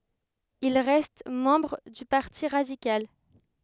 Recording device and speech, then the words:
headset microphone, read sentence
Il reste membre du Parti radical.

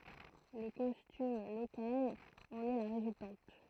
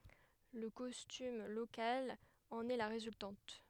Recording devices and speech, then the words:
throat microphone, headset microphone, read sentence
Le costume local en est la résultante.

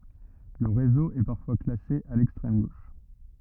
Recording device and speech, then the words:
rigid in-ear microphone, read sentence
Le réseau est parfois classé à l'extrême gauche.

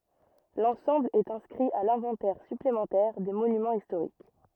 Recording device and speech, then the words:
rigid in-ear microphone, read sentence
L'ensemble est inscrit à l'inventaire supplémentaire des Monuments historiques.

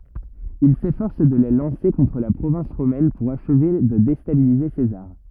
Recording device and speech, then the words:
rigid in-ear microphone, read sentence
Il s'efforce de les lancer contre la province romaine pour achever de déstabiliser César.

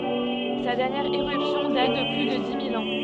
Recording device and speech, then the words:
soft in-ear microphone, read sentence
Sa dernière éruption date de plus de dix mille ans.

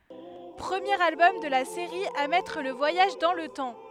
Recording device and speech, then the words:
headset microphone, read sentence
Premier album de la série à mettre le voyage dans le temps.

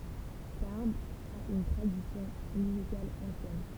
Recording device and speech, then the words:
temple vibration pickup, read sentence
Tarbes a une tradition musicale ancienne.

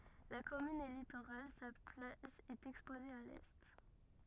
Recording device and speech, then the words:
rigid in-ear microphone, read sentence
La commune est littorale, sa plage est exposée à l'est.

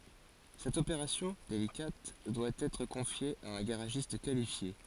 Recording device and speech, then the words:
forehead accelerometer, read sentence
Cette opération, délicate, doit être confiée à un garagiste qualifié.

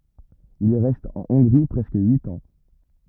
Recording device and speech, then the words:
rigid in-ear microphone, read sentence
Il reste en Hongrie presque huit ans.

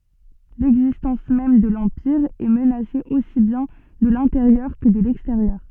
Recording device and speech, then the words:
soft in-ear microphone, read sentence
L'existence même de l'Empire est menacée aussi bien de l'intérieur que de l'extérieur.

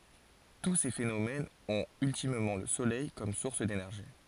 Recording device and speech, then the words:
forehead accelerometer, read sentence
Tous ces phénomènes ont ultimement le soleil comme source d'énergie.

